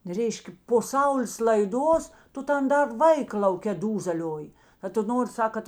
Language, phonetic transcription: Lithuanian, ˈreiškė po sauˈlės laiˈduos ˈtu ˈtan ˈdar ˈvaika lauˈkė ˈdūzelioji a tu ˈnori ˈsak kad

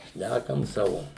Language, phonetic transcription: Lithuanian, ˈšnækam ˈsavo

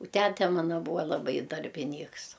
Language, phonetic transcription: Lithuanian, u ˈtæte ˈmana ˈbūa laˈbai darbiˈnyks

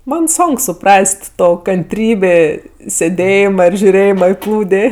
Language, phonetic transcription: Lithuanian, ˈman ˈsonk suˈpras't' ˈto kanˈtrybė sėˈdėjima ir žiuˈrėjima i ˈplūdė

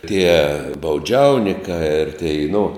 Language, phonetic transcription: Lithuanian, tie bauˈdžiaunikā ir tei nu

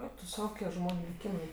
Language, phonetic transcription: Lithuanian, ˈeik tu ˈsau ˈkokie ˈžmoniu liˈkymai

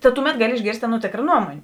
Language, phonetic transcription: Lithuanian, ta ˈtuˌmet ˈgaˌli išˈgėrst' ˈaˌnuo ˈtėkra ˈnuomonė

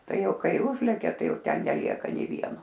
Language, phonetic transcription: Lithuanian, ˈtai ˈjau ˈkai ˈužlekia ˈtai ˈjau ˈten neˈlieka nė ˈvieno

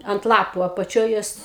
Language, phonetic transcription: Lithuanian, ant ˈlapu apaˈčioj ˈjos

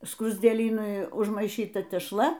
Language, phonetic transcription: Lithuanian, skruzdėˈlynui užmaiˈšyta tešˈla

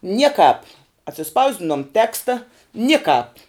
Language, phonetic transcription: Lithuanian, ˈniekāp atsiˈspausdinom ˈteksta ˈnikāp

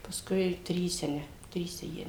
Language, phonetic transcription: Lithuanian, pasˈkui ˈtryse ˈne ˈtryse ˈjie

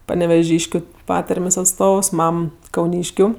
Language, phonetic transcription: Lithuanian, paneveˈžyškiu ˈpatarmės' atˈstovs ˈmam kauˈnyškiu

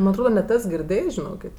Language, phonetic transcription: Lithuanian, ˈman' atˈroda net ˈes girˈdėjs žiˈnokėt'

